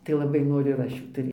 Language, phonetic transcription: Lithuanian, tai laˈbai ˈnoriu ir ˈaš ˈjų ˈtai

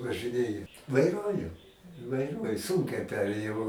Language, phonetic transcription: Lithuanian, važɨˈnėja vaiˈruoju vaiˈruoju ˈsūnkiai ˈperėjau

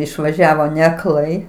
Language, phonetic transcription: Lithuanian, išvaˈžiavo neakˈlai

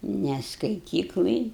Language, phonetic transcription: Lithuanian, ne skaiˈtyklaj

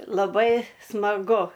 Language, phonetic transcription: Lithuanian, laˈbai smaˈgu

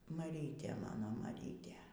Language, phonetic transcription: Lithuanian, maˈrytė ˈmano maˈrytė

